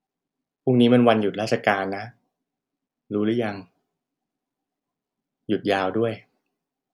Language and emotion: Thai, neutral